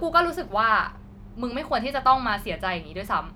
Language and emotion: Thai, frustrated